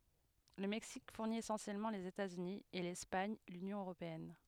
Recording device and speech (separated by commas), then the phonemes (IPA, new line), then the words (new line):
headset microphone, read sentence
lə mɛksik fuʁni esɑ̃sjɛlmɑ̃ lez etatsyni e lɛspaɲ lynjɔ̃ øʁopeɛn
Le Mexique fournit essentiellement les États-Unis, et l'Espagne l'Union européenne.